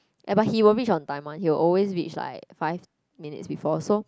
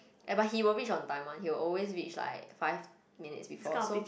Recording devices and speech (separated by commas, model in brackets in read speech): close-talking microphone, boundary microphone, conversation in the same room